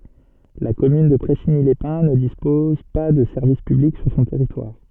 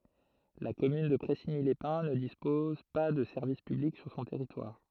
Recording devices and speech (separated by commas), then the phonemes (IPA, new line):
soft in-ear microphone, throat microphone, read sentence
la kɔmyn də pʁɛsiɲilɛspɛ̃ nə dispɔz pa də sɛʁvis pyblik syʁ sɔ̃ tɛʁitwaʁ